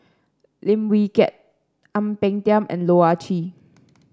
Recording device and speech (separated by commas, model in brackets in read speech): standing microphone (AKG C214), read sentence